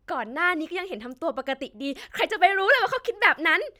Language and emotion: Thai, happy